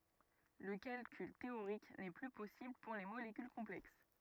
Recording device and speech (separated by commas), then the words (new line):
rigid in-ear microphone, read sentence
Le calcul théorique n'est plus possible pour les molécules complexes.